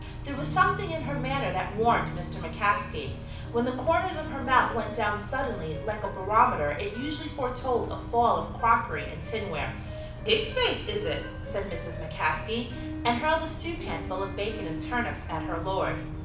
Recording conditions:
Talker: one person; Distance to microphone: 5.8 m; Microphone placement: far; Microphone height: 1.8 m; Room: medium-sized (5.7 m by 4.0 m); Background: music

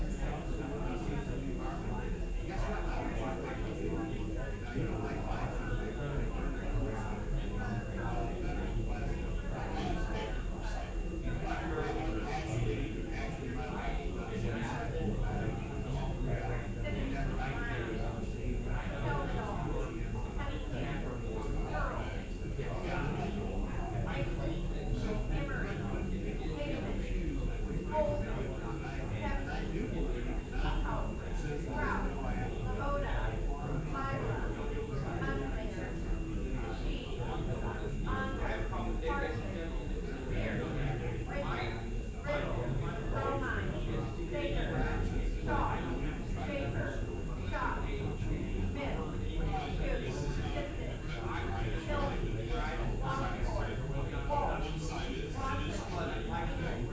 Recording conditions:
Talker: no one; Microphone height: 1.0 m; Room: large; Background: babble

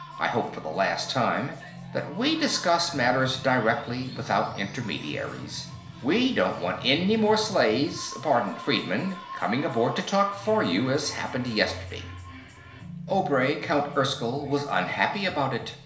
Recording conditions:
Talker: one person; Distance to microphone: 1.0 m; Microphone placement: close; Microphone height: 1.1 m; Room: small (3.7 m by 2.7 m); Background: music

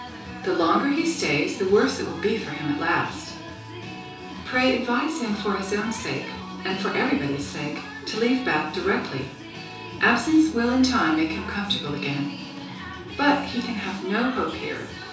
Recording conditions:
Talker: one person; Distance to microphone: 3.0 m; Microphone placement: far; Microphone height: 1.8 m; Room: small (3.7 m by 2.7 m); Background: music

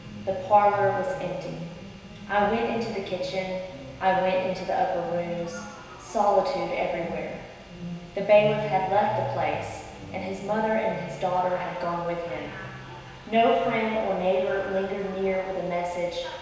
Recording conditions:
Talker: one person; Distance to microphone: 1.7 m; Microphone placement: close; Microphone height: 1.0 m; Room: very reverberant, large; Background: television

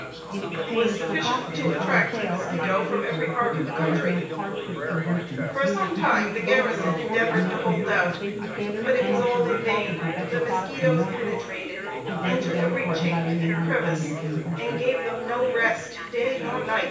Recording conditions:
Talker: one person; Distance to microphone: 9.8 m; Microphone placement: far; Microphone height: 1.8 m; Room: large; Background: babble

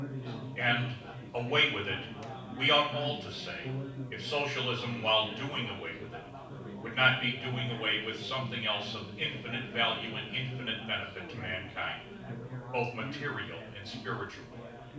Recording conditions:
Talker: one person; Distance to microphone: 5.8 m; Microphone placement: far; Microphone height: 1.8 m; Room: medium-sized (5.7 m by 4.0 m); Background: babble

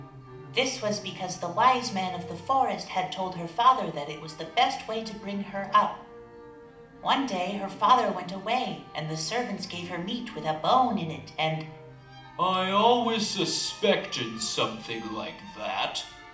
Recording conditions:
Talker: one person; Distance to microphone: 2.0 m; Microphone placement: close; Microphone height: 99 cm; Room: medium-sized (5.7 m by 4.0 m); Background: music

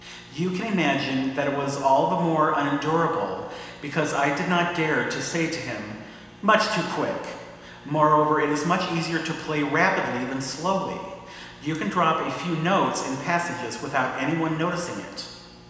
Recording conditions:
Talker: one person; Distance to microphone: 1.7 m; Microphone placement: close; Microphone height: 1.0 m; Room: very reverberant, large; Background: none

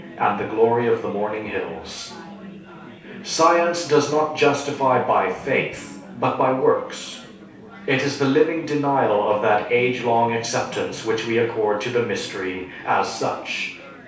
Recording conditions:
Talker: one person; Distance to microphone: 3.0 m; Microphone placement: far; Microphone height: 1.8 m; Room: small (3.7 m by 2.7 m); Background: babble

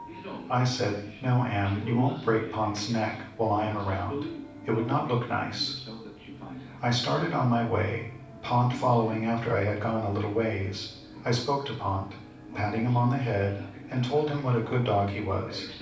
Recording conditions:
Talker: one person; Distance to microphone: 5.8 m; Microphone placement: far; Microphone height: 1.8 m; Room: medium-sized (5.7 m by 4.0 m); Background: television

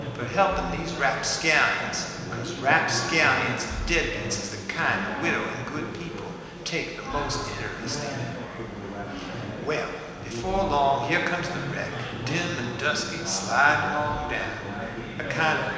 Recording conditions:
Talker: one person; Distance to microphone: 1.7 m; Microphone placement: close; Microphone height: 1.0 m; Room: very reverberant, large; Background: babble

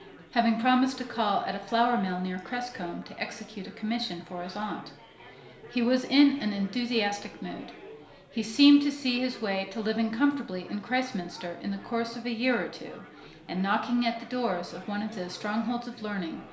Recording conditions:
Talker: one person; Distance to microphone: 1.0 m; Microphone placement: close; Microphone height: 1.1 m; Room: small (3.7 m by 2.7 m); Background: babble

